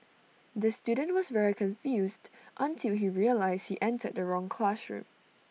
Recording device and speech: mobile phone (iPhone 6), read sentence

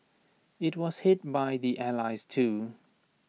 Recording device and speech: mobile phone (iPhone 6), read sentence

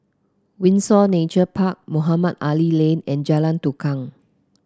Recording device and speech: close-talking microphone (WH30), read sentence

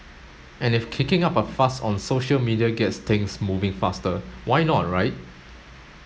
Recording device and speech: mobile phone (Samsung S8), read sentence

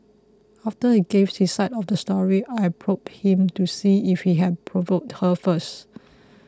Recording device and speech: close-talking microphone (WH20), read sentence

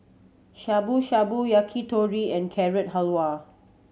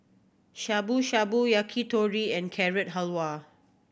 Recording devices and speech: mobile phone (Samsung C7100), boundary microphone (BM630), read sentence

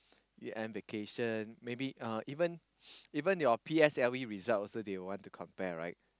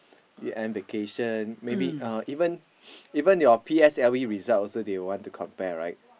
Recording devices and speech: close-talking microphone, boundary microphone, conversation in the same room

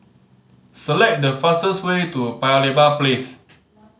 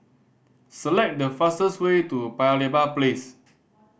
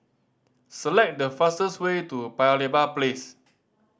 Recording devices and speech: mobile phone (Samsung C5010), boundary microphone (BM630), standing microphone (AKG C214), read sentence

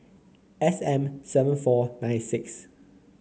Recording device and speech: mobile phone (Samsung C9), read sentence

